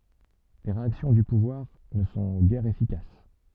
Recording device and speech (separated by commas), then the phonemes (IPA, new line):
soft in-ear microphone, read sentence
le ʁeaksjɔ̃ dy puvwaʁ nə sɔ̃ ɡɛʁ efikas